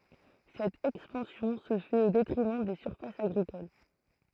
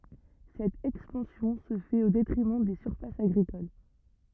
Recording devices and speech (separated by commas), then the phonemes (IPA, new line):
throat microphone, rigid in-ear microphone, read sentence
sɛt ɛkspɑ̃sjɔ̃ sə fɛt o detʁimɑ̃ de syʁfasz aɡʁikol